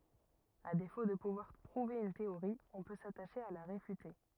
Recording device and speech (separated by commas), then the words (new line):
rigid in-ear microphone, read sentence
À défaut de pouvoir prouver une théorie, on peut s'attacher à la réfuter.